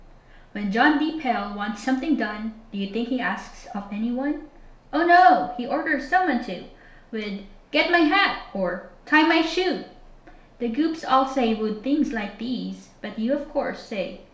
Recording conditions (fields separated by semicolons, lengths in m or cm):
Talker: one person; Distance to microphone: 1.0 m; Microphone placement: close; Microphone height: 1.1 m; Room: small (3.7 m by 2.7 m); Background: none